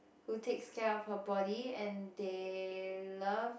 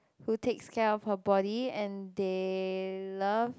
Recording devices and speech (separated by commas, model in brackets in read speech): boundary microphone, close-talking microphone, conversation in the same room